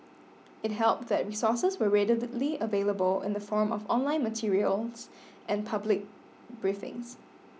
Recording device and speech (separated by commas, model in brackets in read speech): mobile phone (iPhone 6), read sentence